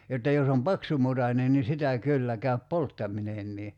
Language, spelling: Finnish, jotta jos on paksumutainen niin sitä kyllä käy polttaminenkin
- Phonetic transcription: jotta 'jos ‿om "paksumutanen ni 'sitä 'kyllä käyp "polttaminennii .

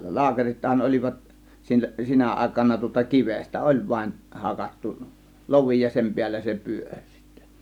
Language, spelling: Finnish, laakerithan olivat - sinä aikana tuota kivestä oli vain hakattu lovi ja sen päällä se pyöri sitten
- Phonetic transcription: 'laakerithan 'ol͕ivat , 'sil- , 'sinä 'ˀàėkana tŭŏta "kivestä "ˀoĺ vaⁱn 'hakattu , "lovi ja 'sem 'piällä se "pyöŕ sIttÄ .

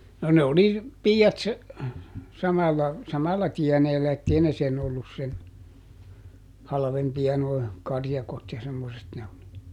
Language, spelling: Finnish, no ne oli piiat samalla samalla tieneellä että ei ne sen ollut sen halvempia nuo karjakot ja semmoiset -
- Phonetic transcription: no ˈne oli , "pii₍at , ˈsamalla , ˈsamalla "tiɛneellä ettei ne ˈsen ollus sen , ˈhalᵃvempi₍a noi , ˈkarjakot ja ˈsemmoset -- .

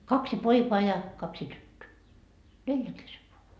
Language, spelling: Finnish, kaksi poikaa ja kaksi tyttöä neljän kesken vain
- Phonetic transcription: 'kaksi 'poikoa ja , 'kaksi 'tyttöö , "neljäŋ kesev voa .

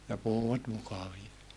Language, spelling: Finnish, ja puhuivat mukavia
- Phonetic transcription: ja puhuwat mukavia .

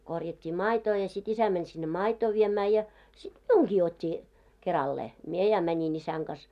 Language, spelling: Finnish, korjattiin maitoa ja sitten isä meni sinne maitoa viemään ja sitten minunkin otti keralleen minä ja menin isän kanssa
- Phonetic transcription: korjat́t́ii "maitoo ja sit 'isä mäń sinne "maitoo viemää ja , sit "miuŋɢii o't́t́i , 'kerallee , 'mie ja 'mäńin 'isäŋ ɢas .

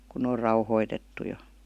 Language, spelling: Finnish, kun ne on rauhoitettu jo
- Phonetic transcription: kun n ‿oor 'rauhoitettu jo .

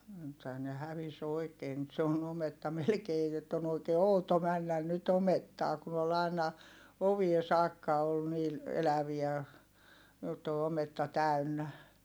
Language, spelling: Finnish, nythän ne hävisi oikein nyt se on ometta melkein jotta on oikein outo mennä nyt omettaan kun oli aina oviin saakka oli niillä eläviä jotta on ometta täynnä
- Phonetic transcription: nythää ne hävis ‿oi̮kee nyt se on ometta melkee jott ‿on ‿oikee outo männän nyt ‿omettaa kun ‿ol ‿ài̮na , ovie saakka ol niil , eläviä , jott ‿o ometta täy̬nnä .

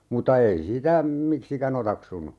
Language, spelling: Finnish, mutta ei sitä miksikään otaksunut
- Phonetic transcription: muta 'ei "sitä , 'miksikä'n ‿otaksunu .

